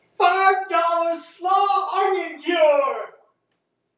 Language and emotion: English, happy